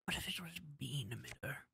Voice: Quietly, Nasally